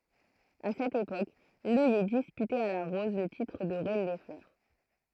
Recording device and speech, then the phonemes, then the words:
throat microphone, read sentence
a sɛt epok lœjɛ dispytɛt a la ʁɔz lə titʁ də ʁɛn de flœʁ
À cette époque, l'œillet disputait à la rose le titre de reine des fleurs.

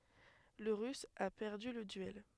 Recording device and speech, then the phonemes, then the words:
headset microphone, read sentence
lə ʁys a pɛʁdy lə dyɛl
Le russe a perdu le duel.

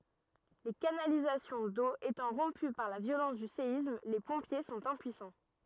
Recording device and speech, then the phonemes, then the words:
rigid in-ear microphone, read sentence
le kanalizasjɔ̃ do etɑ̃ ʁɔ̃py paʁ la vjolɑ̃s dy seism le pɔ̃pje sɔ̃t ɛ̃pyisɑ̃
Les canalisations d'eau étant rompues par la violence du séisme, les pompiers sont impuissants.

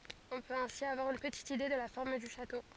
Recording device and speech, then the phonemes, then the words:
forehead accelerometer, read sentence
ɔ̃ pøt ɛ̃si avwaʁ yn pətit ide də la fɔʁm dy ʃato
On peut ainsi avoir une petite idée de la forme du château.

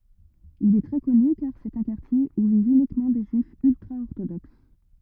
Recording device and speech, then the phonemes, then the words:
rigid in-ear microphone, read sentence
il ɛ tʁɛ kɔny kaʁ sɛt œ̃ kaʁtje u vivt ynikmɑ̃ de ʒyifz yltʁaɔʁtodoks
Il est très connu car c’est un quartier où vivent uniquement des Juifs ultra-orthodoxes.

